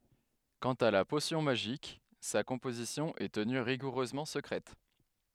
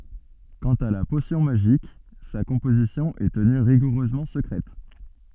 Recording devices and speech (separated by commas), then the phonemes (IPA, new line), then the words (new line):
headset microphone, soft in-ear microphone, read sentence
kɑ̃t a la posjɔ̃ maʒik sa kɔ̃pozisjɔ̃ ɛ təny ʁiɡuʁøzmɑ̃ səkʁɛt
Quant à la potion magique, sa composition est tenue rigoureusement secrète.